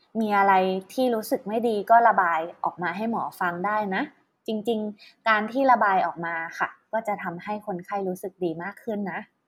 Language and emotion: Thai, neutral